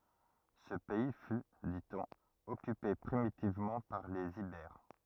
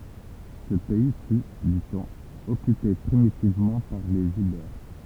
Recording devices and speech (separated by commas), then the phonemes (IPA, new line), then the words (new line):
rigid in-ear microphone, temple vibration pickup, read sentence
sə pɛi fy di ɔ̃n ɔkype pʁimitivmɑ̃ paʁ lez ibɛʁ
Ce pays fut, dit-on, occupé primitivement par les Ibères.